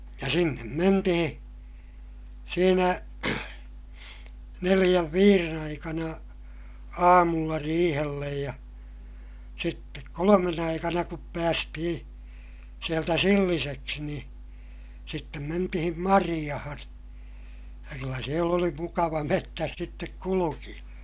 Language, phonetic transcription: Finnish, ja sinnem mentihiḭ , siinä , neliʲäv viiren ‿aikana , aamulla riihellej ja , sittek kolomen ‿aikana kup päästihiḭ , sieltä silliseksi nii , sittem mentihim mariʲahan , ja kyllä siel ‿oli mukava mettäs sittek kulukiʲa .
- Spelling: ja sinne mentiin siinä neljän viiden aikana aamulla riihelle ja sitten kolmen aikana kun päästiin sieltä silliseksi niin sitten mentiin marjaan ja kyllä siellä oli mukava metsässä sitten kulkea

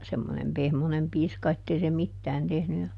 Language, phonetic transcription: Finnish, semmonem ˈpehmonem ˈpiiska ettei se ˈmittään tehny ja ,.
- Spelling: semmoinen pehmoinen piiska että ei se mitään tehnyt ja

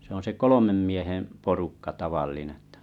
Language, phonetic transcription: Finnish, se on̬ se "kolomem 'mieheᵉ̰ , 'porukka 'tavallin ‿ettᴀ .
- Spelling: se on se kolmen miehen porukka tavallinen jotta

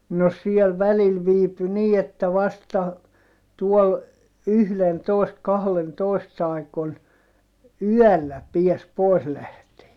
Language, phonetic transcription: Finnish, no siel välil viipy nii että vasta , tuɔl , yhlentòist kahlentòist ‿aikon , yɔ̈̀llä piäs pois lähtee .
- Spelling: no siellä välillä viipyi niin että vasta tuolla yhdentoista kahdentoista aikoihin yöllä pääsi pois lähtemään

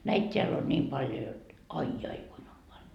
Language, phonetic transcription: Finnish, 'näit 't́eäl ‿on 'ńiim 'paljo jot , 'ai 'jai kuin om paljo .
- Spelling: näitä täällä on niin paljon jotta ai ai kuinka on paljon

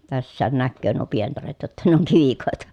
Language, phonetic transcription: Finnish, tässään näkköö nuo pientaret jotta ne oŋ kivikòeta .
- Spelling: tässäkin näkee nuo pientareet jotta ne on kivikoita

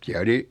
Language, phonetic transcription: Finnish, siä 'oli ,.
- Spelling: siellä oli

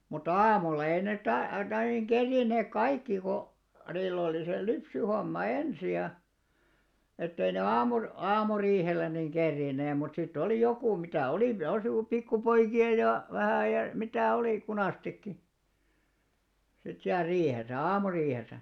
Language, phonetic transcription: Finnish, mutta "aamulla ei net tä- , tai niŋ 'ɢerriinneek "kaikki ko , niill ‿oli se "lypsyhomma "ensi ja , ettei ne 'aamur- , 'aamuriihellen̆ niŋ 'kerrìnnee mut sit't ‿olì 'jokù mitä̀ 'olì pi- (jos ‿oli) 'pikku'poiki₍a ja , 'vähä ja , 'mitä̀ 'olì 'kunàstikki , sit siäl 'riihesä , "aamuriihesä .
- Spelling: mutta aamulla ei ne - tai niin kerinneet kaikki kun niillä oli se lypsyhomma ensin ja että ei ne - aamuriihelle niin kerinneet mutta sitten oli joku mitä oli - jos oli pikkupoikia ja vähän ja mitä oli kunastikin sitten siellä riihessä aamuriihessä

